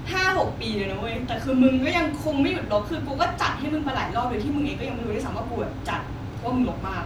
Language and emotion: Thai, frustrated